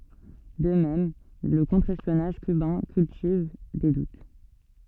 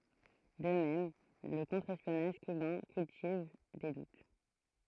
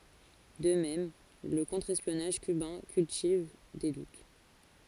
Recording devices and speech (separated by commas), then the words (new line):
soft in-ear microphone, throat microphone, forehead accelerometer, read sentence
De même, le contre-espionnage cubain cultive des doutes.